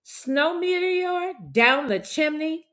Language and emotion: English, disgusted